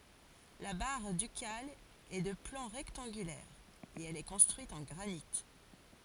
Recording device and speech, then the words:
forehead accelerometer, read sentence
La Barre ducale est de plan rectangulaire et elle est construite en granit.

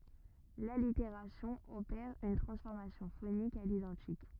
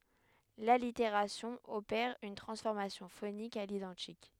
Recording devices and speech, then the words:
rigid in-ear microphone, headset microphone, read sentence
L'allitération opère une transformation phonique à l'identique.

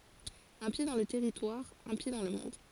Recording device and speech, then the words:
forehead accelerometer, read sentence
Un pied dans le territoire, un pied dans le monde.

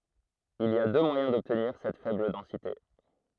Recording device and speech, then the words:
throat microphone, read sentence
Il y a deux moyens d'obtenir cette faible densité.

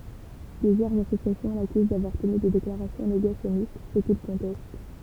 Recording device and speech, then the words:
temple vibration pickup, read sentence
Plusieurs associations l'accusent d'avoir tenu des déclarations négationnistes, ce qu'il conteste.

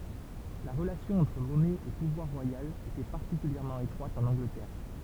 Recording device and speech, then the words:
temple vibration pickup, read sentence
La relation entre monnaie et pouvoir royal était particulièrement étroite en Angleterre.

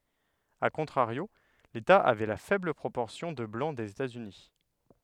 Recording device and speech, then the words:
headset microphone, read sentence
A contrario, l'État avait la faible proportion de Blancs des États-Unis.

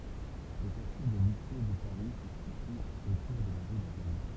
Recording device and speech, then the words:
temple vibration pickup, read sentence
Le quartier des luthiers de Paris se situe autour de la rue de Rome.

